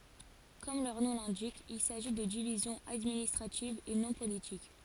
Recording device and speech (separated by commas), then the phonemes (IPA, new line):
forehead accelerometer, read sentence
kɔm lœʁ nɔ̃ lɛ̃dik il saʒi də divizjɔ̃z administʁativz e nɔ̃ politik